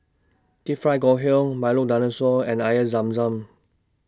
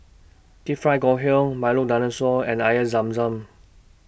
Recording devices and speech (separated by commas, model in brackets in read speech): standing microphone (AKG C214), boundary microphone (BM630), read sentence